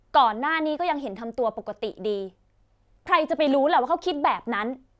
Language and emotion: Thai, frustrated